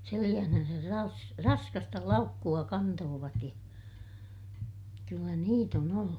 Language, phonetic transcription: Finnish, seliʲähnänsär ras- , raskasta laukku₍a kantoovat ja , kyllä niit ‿on ‿ollu .
- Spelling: selässään - raskasta laukkua kantoivat ja kyllä niitä on ollut

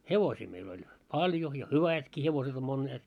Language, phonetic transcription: Finnish, hevosii meil ‿oĺ "paĺjo ja "hyvätki hevoset ‿om monneet .
- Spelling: hevosia meillä oli paljon ja hyvätkin hevoset on monet

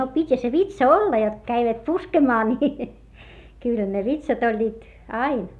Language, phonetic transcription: Finnish, no pit́hä se vitsa olla jot (ko) käivät puskemaa ni , kỳlʰᵃ̈ ne vitsat ‿oĺĺiit , ain .
- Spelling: no pitihän se vitsa olla jotta kun kävivät puskemaan niin kyllähän ne vitsat olivat aina

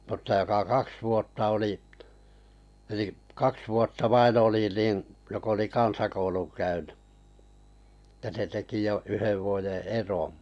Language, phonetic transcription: Finnish, 'mutta joka "kaks 'vuotta oli , eli’ , "kaks vuotta "vain 'oli nin , 'jok ‿oli "kansakouluŋ 'käynʏ , (tᵊ) 'se teki jo 'yhev vuoje "eroo̰ .
- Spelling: mutta joka kaksi vuotta oli eli kaksi vuotta vain oli niin joka oli kansakoulun käynyt että se teki jo yhden vuoden eron

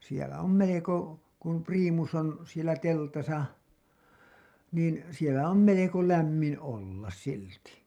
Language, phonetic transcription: Finnish, siɛlä om 'meleko , kum priimus ‿on , sielä 'teltasa , niin sielä om "meleko 'lämmin ollas 'silti .
- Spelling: siellä on melko kun priimus on siellä teltassa niin siellä on melko lämmin olla silti

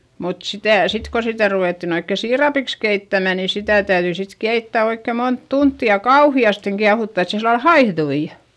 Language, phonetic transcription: Finnish, mut sitä̀ , sit ko sitä ruvèttin ‿oikke siirapiks keittämä nii sitä täyδyi sit keittä oikkè mont tuntti ja kauhi₍asteŋ kiahutta et se sillal haihδui .
- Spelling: mutta sitä sitten kun sitä ruvettiin oikein siirapiksi keittämään niin sitä täytyi sitten keittää oikein monta tuntia ja kauheasti kiehuttaa että se sillä lailla haihtui

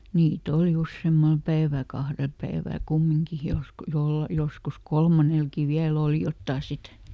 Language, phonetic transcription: Finnish, ˈniiˈt ‿oli "usseemmal ˈpäiväˡ "kahrel ˈpäivä̀ˡ "kummiŋki , ˈjos- , ˈjol- ˈjoskus "kolmanelkì ˈviäl ‿òli "jottà ˈsit .
- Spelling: niitä oli useammalla päivällä kahdella päivällä kumminkin - - joskus kolmannellakin vielä oli jotakin sitten

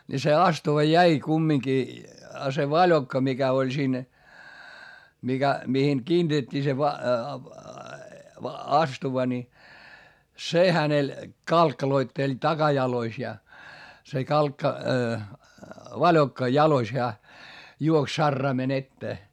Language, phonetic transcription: Finnish, ni se astuva jäi kummiŋki , a se vaĺokka mikä oĺ siin , mikä , mihiŋ kiintet́t́ii se va- , astuva ni , se hänel , kalkkaloitteĺ takajalois ja , se kalkka- , vaĺokka jalois heä , juoks sarraimen ‿ettee .
- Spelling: niin se astuva jäi kumminkin ja se valokka mikä oli siinä mikä mihin kiinnitettiin se - astuva niin se hänellä kalkkaloitteli takajaloissa ja se - valokka jaloissa hän juoksi saraimen eteen

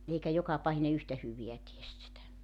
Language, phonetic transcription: Finnish, 'eikä 'jokapahine 'yhtä 'hyviä ties sitä .
- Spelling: eikä jokapahinen yhtä hyvää tee sitä

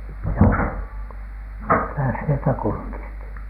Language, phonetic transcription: Finnish, (mi)kä sieltä kurkisti ?
- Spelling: mikä sieltä kurkisti

